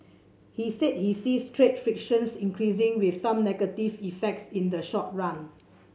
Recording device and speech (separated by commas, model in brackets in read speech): mobile phone (Samsung C7), read sentence